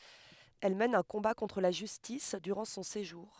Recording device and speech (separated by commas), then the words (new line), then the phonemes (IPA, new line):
headset microphone, read sentence
Elle mène un combat contre la justice durant son séjour.
ɛl mɛn œ̃ kɔ̃ba kɔ̃tʁ la ʒystis dyʁɑ̃ sɔ̃ seʒuʁ